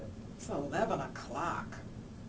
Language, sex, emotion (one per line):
English
female
disgusted